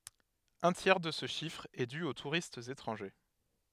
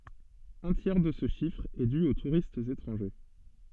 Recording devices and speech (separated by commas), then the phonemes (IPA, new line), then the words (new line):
headset microphone, soft in-ear microphone, read sentence
œ̃ tjɛʁ də sə ʃifʁ ɛ dy o tuʁistz etʁɑ̃ʒe
Un tiers de ce chiffre est dû aux touristes étrangers.